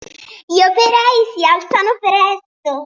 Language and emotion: Italian, happy